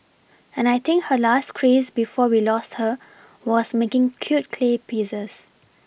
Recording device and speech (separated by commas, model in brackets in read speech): boundary microphone (BM630), read sentence